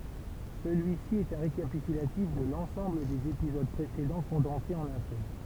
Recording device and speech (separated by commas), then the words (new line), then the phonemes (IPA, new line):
temple vibration pickup, read sentence
Celui-ci est un récapitulatif de l'ensemble des épisodes précédents condensé en un seul.
səlyisi ɛt œ̃ ʁekapitylatif də lɑ̃sɑ̃bl dez epizod pʁesedɑ̃ kɔ̃dɑ̃se ɑ̃n œ̃ sœl